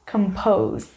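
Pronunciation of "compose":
'Compose' is pronounced correctly here.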